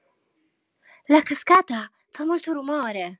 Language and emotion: Italian, surprised